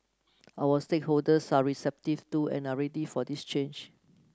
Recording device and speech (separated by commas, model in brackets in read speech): close-talking microphone (WH30), read sentence